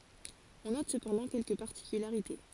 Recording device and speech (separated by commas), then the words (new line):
forehead accelerometer, read sentence
On note cependant quelques particularités.